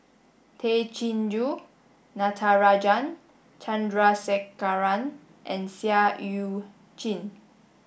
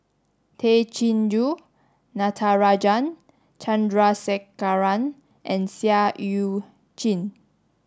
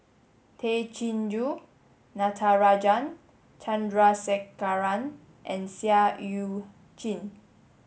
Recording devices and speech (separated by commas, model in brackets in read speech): boundary microphone (BM630), standing microphone (AKG C214), mobile phone (Samsung S8), read sentence